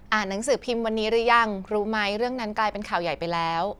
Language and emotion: Thai, neutral